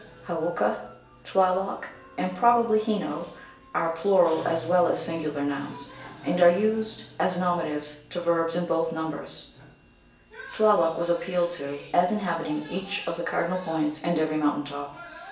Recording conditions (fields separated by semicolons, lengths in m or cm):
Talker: one person; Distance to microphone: 1.8 m; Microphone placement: close; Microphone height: 1.0 m; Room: large; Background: television